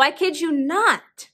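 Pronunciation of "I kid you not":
Coalescence occurs in 'kid you': the d sound at the end of 'kid' and the y sound at the start of 'you' coalesce.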